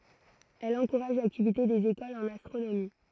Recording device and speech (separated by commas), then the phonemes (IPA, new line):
throat microphone, read sentence
ɛl ɑ̃kuʁaʒ laktivite dez ekolz ɑ̃n astʁonomi